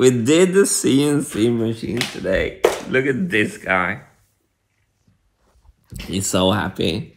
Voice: broken voice